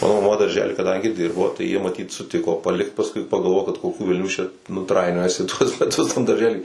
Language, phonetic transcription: Lithuanian, ˈmano maˈma darˈžely kaˈdangi ˈdirbo jie maˈtyt suˈtiko paˈlikt pasˈkui pagalˈvojo kad koˈkių velˈnių čia nu ˈtrainiojasi tuos meˈtus tam darˈžely

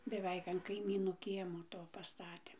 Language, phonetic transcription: Lithuanian, beˈveik an kaiˈmynų ˈkiemo ˈto paˈstatė

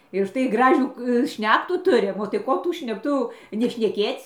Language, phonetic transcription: Lithuanian, ir užˈtai ˈgražių ˈšnektų ˈturim o tai ˈko tų šnekˈtu jau nešneˈkėc'

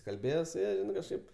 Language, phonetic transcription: Lithuanian, kalˈbėje su ˈja kažˈkaip

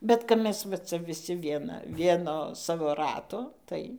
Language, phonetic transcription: Lithuanian, bet kap ˈmes va ˈca viˈsi ˈviena ˈvieno ˈsavo ˈrato ˈtai

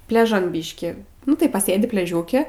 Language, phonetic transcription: Lithuanian, pleˈžan ˈbyški nu tai paˈsėdi pleˈžiūke

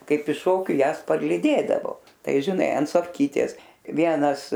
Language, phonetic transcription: Lithuanian, ˈkaip iš ˈšokiu ˈjąs parlyˈdėdavo ˈtai žiˈnai an sofˈkytės ˈvienas

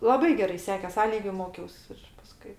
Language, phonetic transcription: Lithuanian, laˈbai geˈrai ˈsekės ˈa ˈlygiu ˈmokiaus ir paˈskui

